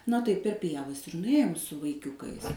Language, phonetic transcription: Lithuanian, na tai per ˈpievas ir nuˈėjom su vaiˈkiukais

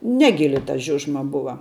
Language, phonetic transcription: Lithuanian, ˈnegili ta ˈžiužma ˈbuva

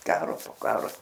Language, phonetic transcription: Lithuanian, ˈkaro po ˈkaro

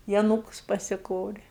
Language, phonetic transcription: Lithuanian, i aˈnūkus pasiˈkorė

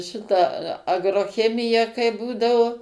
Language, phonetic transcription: Lithuanian, ˈšita agroˈchemija kai ˈbūdavo

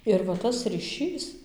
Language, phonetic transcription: Lithuanian, ir va ˈtas ryˈšys

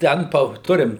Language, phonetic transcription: Lithuanian, ˈten pa ˈturim

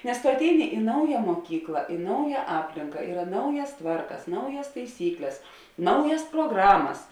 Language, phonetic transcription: Lithuanian, nes tu atˈeini i ˈnauja muoˈkykla i ˈnauja ˈaplinka ˈyra ˈnaujas ˈtvarkas ˈnaujas taiˈsykles ˈnaujas proˈgramas

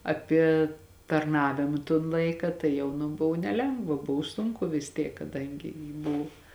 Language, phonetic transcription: Lithuanian, aˈpie tarˈnavima ton ˈlaika tai ˈjau nu ˈbuv neˈlengva ˈbuv ˈsunku vis ˈtiek kaˈdangi ji ˈbuv

